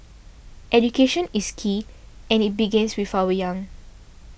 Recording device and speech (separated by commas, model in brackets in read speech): boundary microphone (BM630), read sentence